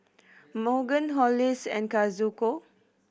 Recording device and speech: boundary microphone (BM630), read sentence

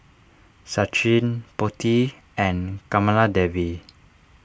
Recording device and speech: standing microphone (AKG C214), read sentence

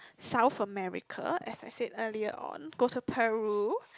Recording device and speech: close-talking microphone, conversation in the same room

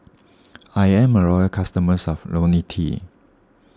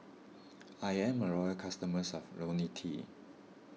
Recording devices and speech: standing microphone (AKG C214), mobile phone (iPhone 6), read sentence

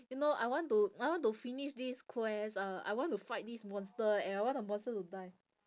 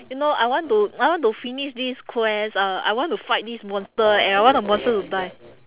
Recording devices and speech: standing microphone, telephone, conversation in separate rooms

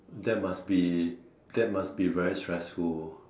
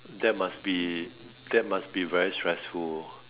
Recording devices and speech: standing microphone, telephone, conversation in separate rooms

